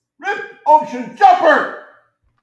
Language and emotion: English, disgusted